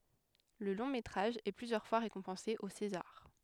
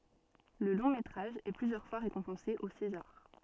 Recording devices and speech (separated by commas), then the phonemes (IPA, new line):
headset microphone, soft in-ear microphone, read sentence
lə lɔ̃ metʁaʒ ɛ plyzjœʁ fwa ʁekɔ̃pɑ̃se o sezaʁ